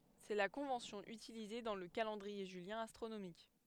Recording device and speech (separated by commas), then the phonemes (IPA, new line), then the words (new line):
headset microphone, read sentence
sɛ la kɔ̃vɑ̃sjɔ̃ ytilize dɑ̃ lə kalɑ̃dʁie ʒyljɛ̃ astʁonomik
C'est la convention utilisée dans le calendrier julien astronomique.